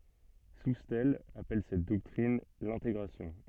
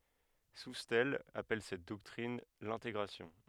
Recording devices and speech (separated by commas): soft in-ear microphone, headset microphone, read sentence